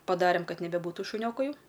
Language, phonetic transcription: Lithuanian, paˈdarėm ˈkad nebeˈbūtu šuˈnioku ˈjau

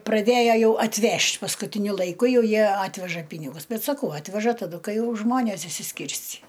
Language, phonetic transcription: Lithuanian, praˈdėja ˈjau atˈvežt' paskutiˈniu laiˈku ˈjau ˈjie ˈatveža ˈpynigus ˈbet saˈkau ˈatveža taˈdu ˈkai ˈjau ˈžmonės išsiˈskirscį

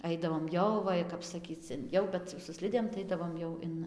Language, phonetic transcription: Lithuanian, ˈaidavom ˈjau ˈva i kap saˈkyc in ˈjau bet su ˈslidėm tai ˈaidavom jau ˈin

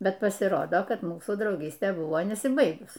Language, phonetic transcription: Lithuanian, ˈbet pasiˈrodo ˈkad ˈmūsų drauˈgystė ˈbuvo nesiˈbaigus

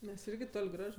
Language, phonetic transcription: Lithuanian, ˈmes ˈirgi ˈtol' ˈgraž

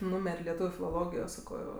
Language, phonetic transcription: Lithuanian, ˈnūmer' leˈtūviu filoˈlogijo ˈsako

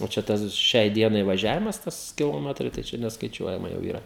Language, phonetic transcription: Lithuanian, o čia ˈtas ˈšiai ˈdienai vaˈžiavimas ˈtas kiloˈmetrai tai ˈčia neskaˈičiuojama jau yˈra

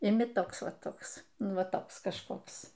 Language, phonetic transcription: Lithuanian, iˈmi ˈtoks ˈva ˈtoks ˈnu ˈva ˈtoks kažˈkoks

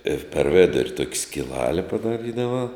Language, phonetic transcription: Lithuanian, ir per ˈvidur' tuok' skiˈlale padaˈrydava

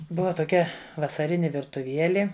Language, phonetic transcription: Lithuanian, ˈbuva toˈkia vasaˈrini virtuˈvieli

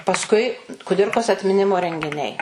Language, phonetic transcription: Lithuanian, pasˈkui kuˈdirkos atmiˈnimo rengiˈniai

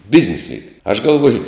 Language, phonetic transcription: Lithuanian, ˈbiznis ˈvyk aš galˈvuoju

